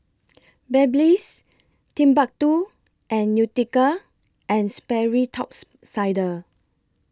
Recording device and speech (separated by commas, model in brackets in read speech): close-talking microphone (WH20), read sentence